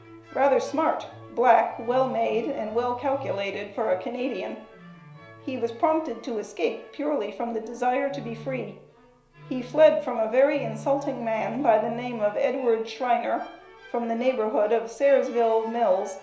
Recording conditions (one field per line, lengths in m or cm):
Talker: one person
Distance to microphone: 1.0 m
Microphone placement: close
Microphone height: 1.1 m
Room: small (3.7 m by 2.7 m)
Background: music